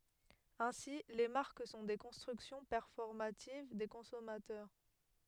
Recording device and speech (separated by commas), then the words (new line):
headset microphone, read sentence
Ainsi, les marques sont des constructions performatives des consommateurs.